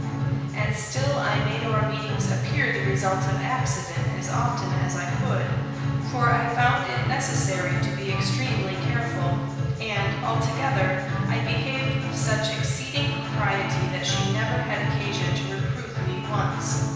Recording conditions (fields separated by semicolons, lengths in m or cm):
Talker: one person; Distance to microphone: 1.7 m; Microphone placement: close; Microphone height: 1.0 m; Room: very reverberant, large; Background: music